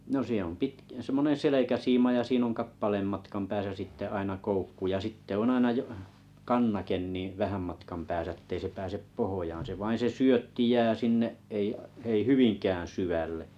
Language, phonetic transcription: Finnish, 'no siin̬ ‿om 'pitk- sᵉᵐmonen "selekäsiima ja 'siin ‿oŋ 'kappaleem 'matkam pääsä 'sitte aina 'koukku ja 'sitte o'n ‿aina j-’ , "kannaken nì , 'vähäm 'matkam pääsä ettei se 'pääsep "pohojaan̬ se vain̬ se 'syötti jää 'sinne’ , ’ei , ei "hyviŋkäää̰ 'syvälle .
- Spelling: no siinä on - semmoinen selkäsiima ja siinä on kappaleen matkan päässä sitten aina koukku ja sitten on aina - kannake niin vähän matkan päässä että ei se pääse pohjaan se vain se syötti jää sinne ei ei hyvinkään syvälle

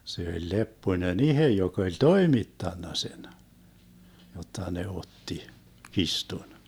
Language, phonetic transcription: Finnish, 'se oĺ 'Leppoⁱnen "ihe 'jok ‿oĺ "toimittanna 'sen , 'jotta ne 'otti , 'kistun .
- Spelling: se oli Lepponen itse joka oli toimittanut sen jotta ne otti kirstun

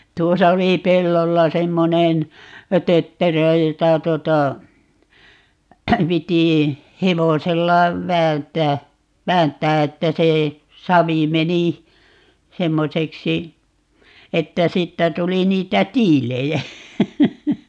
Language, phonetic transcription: Finnish, 'tuosa oli "pellolla 'semmonen , 'tötterö 'jota 'tuᵒta , 'piti , 'hevosella , "väänt̀ää , "väänt̆tää 'että se , 'savi 'meni , 'semmoseksi , 'että 'siittä 'tuli 'niitä "tiilejä .
- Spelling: tuossa oli pellolla semmoinen tötterö jota tuota piti hevosella vääntää vääntää että se savi meni semmoiseksi että siitä tuli niitä tiiliä

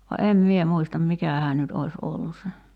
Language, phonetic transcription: Finnish, va "em 'mie 'muistam 'mikähää nyt ois ollu se .
- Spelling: vaan en minä muista mikähän nyt olisi ollut se

